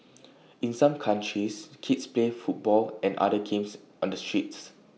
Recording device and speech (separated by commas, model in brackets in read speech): mobile phone (iPhone 6), read sentence